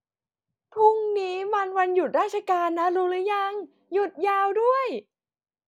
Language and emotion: Thai, happy